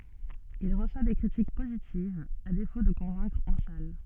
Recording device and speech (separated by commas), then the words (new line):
soft in-ear microphone, read sentence
Il reçoit des critiques positives, à défaut de convaincre en salles.